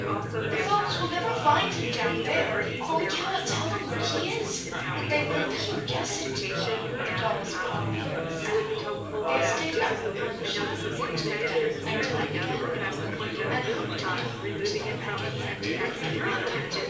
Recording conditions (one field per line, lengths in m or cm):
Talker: one person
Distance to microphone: 9.8 m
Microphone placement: far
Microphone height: 1.8 m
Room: large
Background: babble